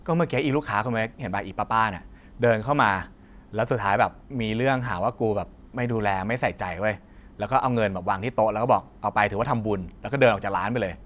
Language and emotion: Thai, frustrated